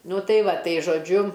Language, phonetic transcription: Lithuanian, ˈnu ˈtai ˈva ˈtai žoˈdžiu

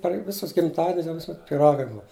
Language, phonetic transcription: Lithuanian, per ˈvisus gimˈtadinius jau ˈvisuˈmet pyˈragai ˈbua

